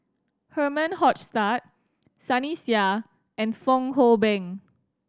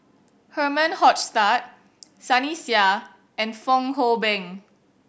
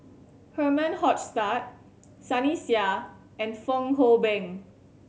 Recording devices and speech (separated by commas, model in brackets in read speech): standing microphone (AKG C214), boundary microphone (BM630), mobile phone (Samsung C7100), read sentence